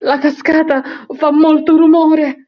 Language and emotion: Italian, fearful